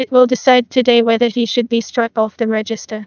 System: TTS, neural waveform model